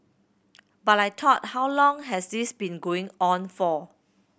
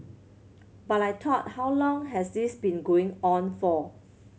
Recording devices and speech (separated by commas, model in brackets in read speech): boundary microphone (BM630), mobile phone (Samsung C7100), read sentence